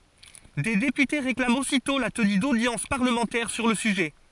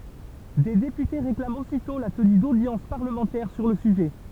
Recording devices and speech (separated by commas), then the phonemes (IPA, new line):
forehead accelerometer, temple vibration pickup, read sentence
de depyte ʁeklamt ositɔ̃ la təny dodjɑ̃s paʁləmɑ̃tɛʁ syʁ lə syʒɛ